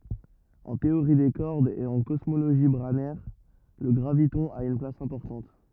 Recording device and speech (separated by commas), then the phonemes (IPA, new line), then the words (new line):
rigid in-ear microphone, read sentence
ɑ̃ teoʁi de kɔʁdz e ɑ̃ kɔsmoloʒi bʁanɛʁ lə ɡʁavitɔ̃ a yn plas ɛ̃pɔʁtɑ̃t
En théorie des cordes et en cosmologie branaire, le graviton a une place importante.